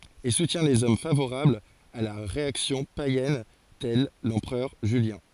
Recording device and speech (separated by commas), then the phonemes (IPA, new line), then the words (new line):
forehead accelerometer, read sentence
e sutjɛ̃ lez ɔm favoʁablz a la ʁeaksjɔ̃ pajɛn tɛl lɑ̃pʁœʁ ʒyljɛ̃
Et soutient les hommes favorables à la réaction païenne tel l'empereur Julien.